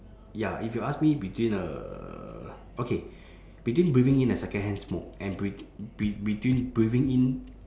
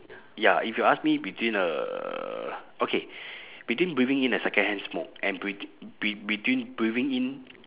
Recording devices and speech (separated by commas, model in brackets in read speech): standing microphone, telephone, conversation in separate rooms